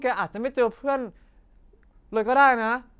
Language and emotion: Thai, sad